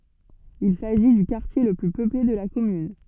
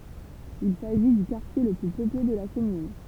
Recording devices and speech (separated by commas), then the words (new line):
soft in-ear microphone, temple vibration pickup, read sentence
Il s'agit du quartier le plus peuplé de la commune.